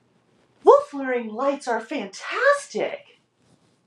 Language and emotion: English, happy